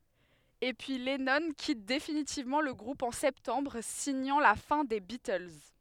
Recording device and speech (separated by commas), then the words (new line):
headset microphone, read sentence
Et puis, Lennon quitte définitivement le groupe en septembre, signant la fin des Beatles.